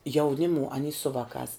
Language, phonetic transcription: Lithuanian, jauˈnimu aˈny su ˈvakās

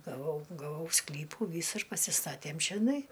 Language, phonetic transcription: Lithuanian, gaˈvau gaˈvau ˈsklypų ˈvysur pasiˈstatėm čioˈnai

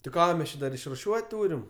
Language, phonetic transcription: Lithuanian, tai ˈką mes ˈči dar išruˈšiuot' ˈtūrim

